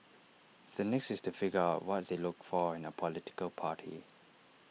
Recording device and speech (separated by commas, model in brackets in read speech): mobile phone (iPhone 6), read sentence